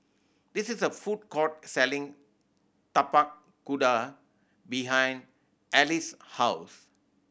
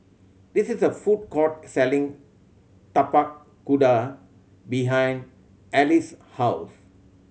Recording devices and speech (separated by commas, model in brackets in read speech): boundary microphone (BM630), mobile phone (Samsung C7100), read sentence